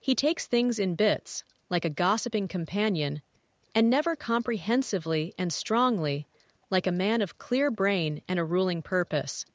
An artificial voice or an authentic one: artificial